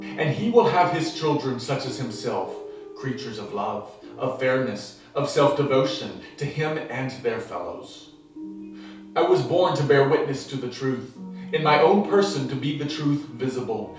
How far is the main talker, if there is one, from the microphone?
3.0 m.